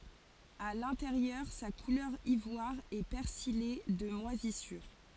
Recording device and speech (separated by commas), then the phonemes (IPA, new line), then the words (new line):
forehead accelerometer, read sentence
a lɛ̃teʁjœʁ sa kulœʁ ivwaʁ ɛ pɛʁsije də mwazisyʁ
À l'intérieur, sa couleur ivoire est persillée de moisissures.